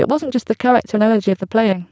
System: VC, spectral filtering